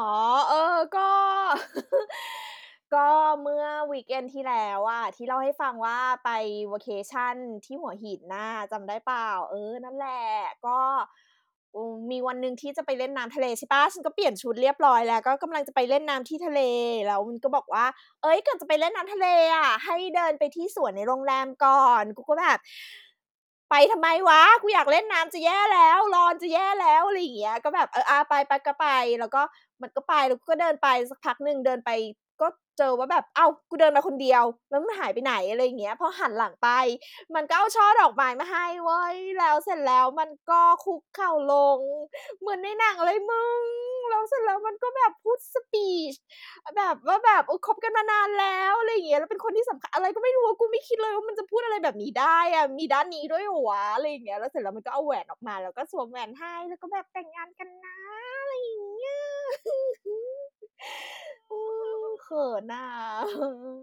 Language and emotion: Thai, happy